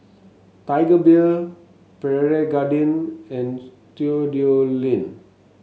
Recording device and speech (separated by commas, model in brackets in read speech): mobile phone (Samsung S8), read sentence